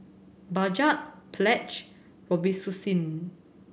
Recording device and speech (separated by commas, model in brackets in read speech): boundary microphone (BM630), read sentence